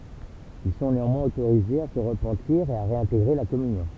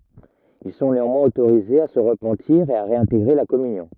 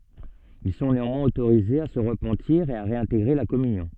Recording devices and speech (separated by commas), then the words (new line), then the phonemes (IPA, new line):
temple vibration pickup, rigid in-ear microphone, soft in-ear microphone, read sentence
Ils sont néanmoins autorisés à se repentir et à réintégrer la communion.
il sɔ̃ neɑ̃mwɛ̃z otoʁizez a sə ʁəpɑ̃tiʁ e a ʁeɛ̃teɡʁe la kɔmynjɔ̃